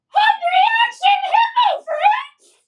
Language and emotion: English, happy